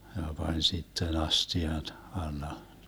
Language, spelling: Finnish, ja pani sitten astian alla
- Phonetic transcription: ja 'pań 'sitten 'asti₍an , 'alla .

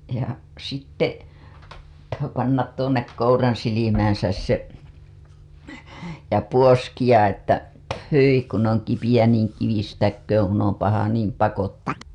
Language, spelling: Finnish, ja sitten pthu panna tuonne kouransilmäänsä se ja puoskia että hyi kun on kipeä niin kivistäköön kun on paha niin pakottakoon
- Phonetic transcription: ja sitte , pthu , pannat tuonnek 'kouransilimään̬säs se , ja puoskiʲa ‿että , » pthyi kun oŋ kipiʲä niiŋ kivistäkkööŋ kun om paha niim pakottak- ... «

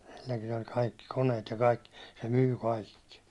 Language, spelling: Finnish, silläkin oli kaikki koneet ja kaikki se myi kaikki
- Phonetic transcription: silläkin ‿oĺ 'kaikki 'koneet ja 'kaikki , se 'myy "kàikki .

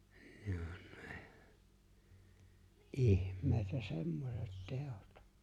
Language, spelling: Finnish, ne on ne ihmeitä semmoiset teot
- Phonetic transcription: ɴᴇ ᴏɴ ɴᴇ , "’ihm̀èitä 'semmoset 'teot .

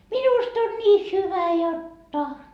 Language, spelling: Finnish, minusta on niin hyvä jotta
- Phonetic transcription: 'minust ‿on nii "hyvä 'jotta .

